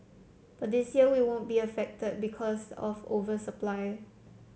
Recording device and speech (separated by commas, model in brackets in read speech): mobile phone (Samsung C7), read sentence